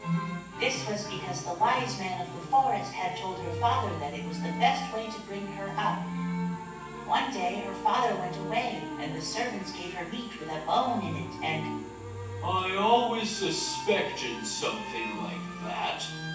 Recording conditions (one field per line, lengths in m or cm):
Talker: one person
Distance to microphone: 9.8 m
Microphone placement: far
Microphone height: 1.8 m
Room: large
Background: music